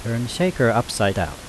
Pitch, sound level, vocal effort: 115 Hz, 83 dB SPL, normal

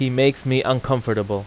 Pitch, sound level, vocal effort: 130 Hz, 88 dB SPL, loud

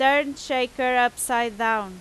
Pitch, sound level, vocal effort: 250 Hz, 95 dB SPL, very loud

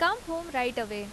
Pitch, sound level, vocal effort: 255 Hz, 87 dB SPL, loud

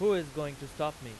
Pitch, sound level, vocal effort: 150 Hz, 98 dB SPL, very loud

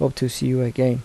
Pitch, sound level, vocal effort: 130 Hz, 76 dB SPL, soft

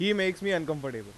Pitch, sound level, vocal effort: 180 Hz, 94 dB SPL, loud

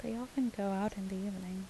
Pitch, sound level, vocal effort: 200 Hz, 77 dB SPL, soft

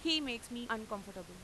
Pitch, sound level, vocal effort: 230 Hz, 93 dB SPL, very loud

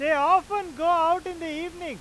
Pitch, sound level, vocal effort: 340 Hz, 105 dB SPL, very loud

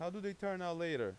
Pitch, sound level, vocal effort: 180 Hz, 94 dB SPL, loud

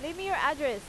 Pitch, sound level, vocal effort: 300 Hz, 94 dB SPL, loud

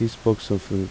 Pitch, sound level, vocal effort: 110 Hz, 80 dB SPL, soft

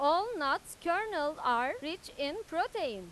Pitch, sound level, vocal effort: 320 Hz, 97 dB SPL, very loud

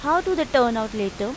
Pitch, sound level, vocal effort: 245 Hz, 89 dB SPL, loud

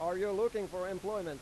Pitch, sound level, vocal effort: 190 Hz, 99 dB SPL, loud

